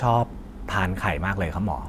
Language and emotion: Thai, neutral